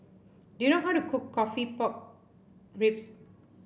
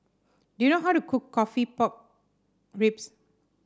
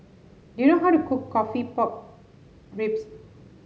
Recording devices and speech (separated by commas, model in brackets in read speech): boundary microphone (BM630), standing microphone (AKG C214), mobile phone (Samsung S8), read sentence